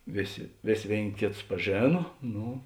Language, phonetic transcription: Lithuanian, ˈvėˌsė ˈvės' ˈvėin' ˈkėˌtus paˈžėna ˈnu

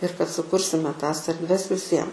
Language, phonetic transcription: Lithuanian, ir kad suˈkursime ˈtas erdˈves viˈsiem

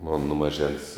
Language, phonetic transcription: Lithuanian, mon nu maˈžens

